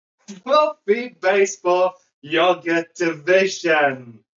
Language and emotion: English, happy